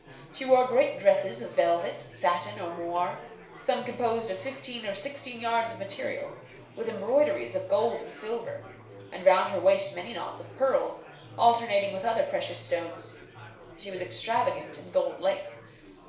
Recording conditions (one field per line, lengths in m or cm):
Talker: one person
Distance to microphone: 1.0 m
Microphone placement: close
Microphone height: 1.1 m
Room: small (3.7 m by 2.7 m)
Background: babble